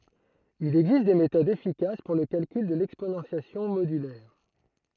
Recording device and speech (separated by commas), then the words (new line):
throat microphone, read sentence
Il existe des méthodes efficaces pour le calcul de l'exponentiation modulaire.